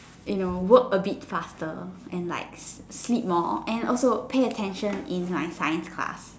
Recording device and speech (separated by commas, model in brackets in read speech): standing microphone, conversation in separate rooms